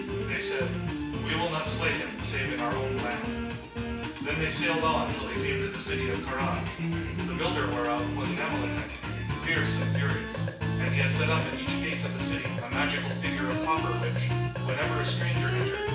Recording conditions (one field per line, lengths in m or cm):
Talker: one person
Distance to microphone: 9.8 m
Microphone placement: far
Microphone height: 1.8 m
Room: large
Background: music